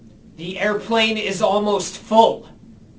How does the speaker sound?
angry